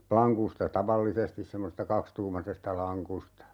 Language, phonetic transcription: Finnish, 'plaŋkusta "tavallisestis 'semmosesta "kakstuumasesta 'laŋkusta .
- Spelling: lankusta tavallisesti semmoisesta kaksituumaisesta lankusta

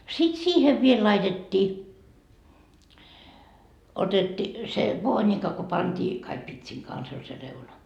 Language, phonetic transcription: Finnish, sit "siihev viel 'laitet́t́ii , otetti , se "voonika ko pantii , kaik 'pitsiŋ kans ‿oĺ se 'reuna .
- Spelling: sitten siihen vielä laitettiin otettiin se voonika kun pantiin kaikki pitsin kanssa oli se reuna

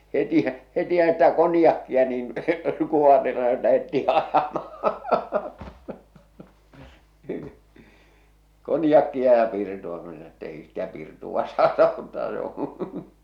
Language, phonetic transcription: Finnish, 'hetih̳ , 'hetihᵃ̈ stä 'konⁱjakkia niin , kuoharile ja lähettii ajamahᴀ , 'konjakkia ja 'pirtu₍a ko se sano et't ‿ei stä 'pirtuᵛa saata ottaa se ‿oo̰ .
- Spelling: heti heti sitä konjakkia niin kuoharille ja lähdettiin ajamaan konjakkia ja pirtua kun se sanoi että ei sitä pirtua saata ottaa se on

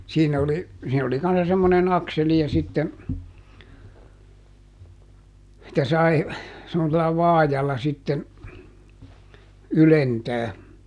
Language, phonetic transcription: Finnish, ˈsiinä oli , siin ‿oli kanssa semmonen ˈakseli ja sitten̬ , -tä ˈsai , (semmosella) "vaajalla sitten , "ylentää .
- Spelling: siinä oli siinä oli kanssa semmoinen akseli ja sitten että sai semmoisella vaajalla sitten ylentää

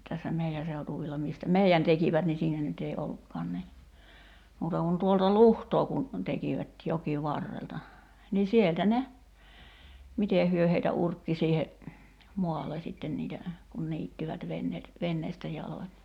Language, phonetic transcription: Finnish, tässä 'mei₍ä seutuvilla 'mìstä "mei₍än 'tekivät ni 'siinä nyt ‿ei 'ollukkaan ni , muuta kun 'tuolta "luhtoo kun , 'tekivät , 'joki'varrelta , nii 'sieltä "ne , 'mitè hyö heitä 'urkki siihe , 'moalle "sitten niitä , kun 'niittivät 'venneet , 'venneestä jaloń .
- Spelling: tässä meidän seutuvilla mistä meidän tekivät niin siinä nyt ei ollutkaan niin muuta kuin tuolta luhtaa kun tekivät jokivarrelta niin sieltä ne miten he heitä urkki siihen maalle sitten niitä kun niittivät veneet veneestä jaloin

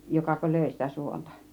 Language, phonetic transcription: Finnish, 'jokako "lö̀i sitä 'suontA ?
- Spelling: jokako löi sitä suonta

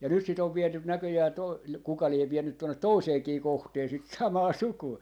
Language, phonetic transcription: Finnish, ja nyt sit ‿ov 'vietyn 'näköjää to- , kuka liev 'viennyt 'tonnet "toiseekii 'kohtee sit "samaa "suku₍a .
- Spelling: ja nyt sitä on viety näköjään - kuka lie vienyt tuonne toiseenkin kohtaan sitä samaa sukua

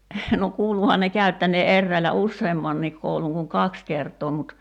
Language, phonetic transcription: Finnish, no 'kuuluhan ne 'käy̬ttänee '’erräilä "usseemmanniik 'kouluŋ kuŋ "kaks 'kert̀oo mut ,.
- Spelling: no kuuluihan ne käyttäneen eräillä useammankin koulun kuin kaksi kertaa mutta

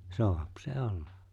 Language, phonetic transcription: Finnish, soàp se 'ollᴀ .
- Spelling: saa se olla

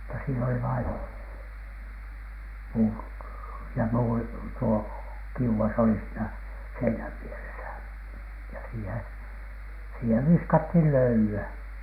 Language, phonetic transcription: Finnish, mutta siin ‿oli vain , puut- , ja 'muuri tuo , "kiuʷas oli siinä "seinäv 'vieresä ja siiheN , 'sihev 'viskathìn "löyly₍ä .
- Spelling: mutta siinä oli vain - ja muuri tuo kiuas oli siinä seinän vieressä ja siihen siihen viskattiin löylyä

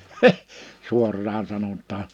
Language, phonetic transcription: Finnish, 'suorraan 'sanot̀aa .
- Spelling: suoraan sanotaan

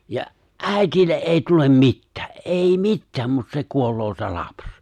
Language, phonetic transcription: Finnish, ja’ , "’ä̀itille’ '’èi tulem 'mittᴀ̈ᴀ̈ , '’èi "mittääm mut se 'kuol̆loo se 'laps .
- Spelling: ja äidille ei tule mitään ei mitään mutta se kuolee se lapsi

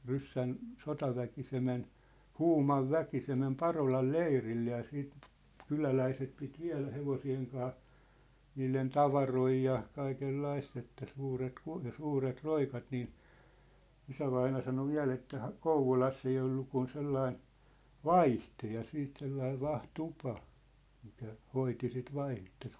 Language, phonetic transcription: Finnish, 'ryssän , 'sotaväki se men , "Huumav "väki se mem "Parolal "leirille ja siit , 'kyläläiset pit 'viä̭lä 'hevosi₍eŋ kaa , 'niilen "tavaroi ja , 'kaikel'laist ‿että 'suuret ku- , ja 'suuret 'roikat nii , 'isävaina sano 'viä̭l ‿että ha- , "Kouvolass ‿ei ollu kun 'sellain̬ , "vaiht̳e ja 'siit 'sellaiv̆ 'vah"tupa , mikä , 'hoiti sit 'vaih̳e̳ttᴀ .
- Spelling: ryssän sotaväki se meni Huuman väki se meni Parolan leirille ja sitten kyläläiset piti viedä hevosten kanssa niiden tavaroita ja kaikenlaista että suuret - ja suuret roikat niin isävainaja sanoi vielä että - Kouvolassa ei ollut kuin sellainen vaihde ja siitä sellainen vahtitupa mikä hoiti sitten vaihdetta

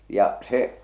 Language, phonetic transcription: Finnish, ja , se ,.
- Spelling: ja se

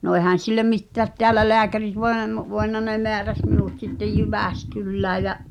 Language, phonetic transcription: Finnish, no èhän̬ sillem̆ 'mittäät 'teälä "leäkärit voen(a) (mo-) , voenna ne 'meäräs minùt sittej "Jyvä̀skyllää jä ,.
- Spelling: no eihän sille mitään täällä lääkärit voinut - voinut ne määräsi minut sitten Jyväskylään ja

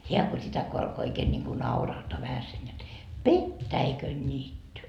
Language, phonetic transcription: Finnish, "heä ko 'sitä ko alko 'oikeen ńiŋku "naurahtoa vähäsen jot » "pettäikön'niitty .
- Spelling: hän kun sitä kun alkoi oikein niin kuin naurahtaa vähäsen jotta petäikönniitty

